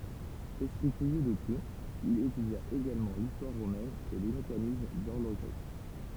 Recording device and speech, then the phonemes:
temple vibration pickup, read sentence
ɛspʁi kyʁjø də tut il etydja eɡalmɑ̃ listwaʁ ʁomɛn e le mekanism dɔʁloʒʁi

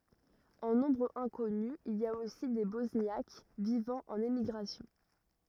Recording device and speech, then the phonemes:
rigid in-ear microphone, read sentence
ɑ̃ nɔ̃bʁ ɛ̃kɔny il i a osi de bɔsnjak vivɑ̃ ɑ̃n emiɡʁasjɔ̃

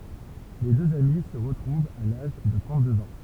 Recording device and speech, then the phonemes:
temple vibration pickup, read sentence
le døz ami sə ʁətʁuvt a laʒ də tʁɑ̃t døz ɑ̃

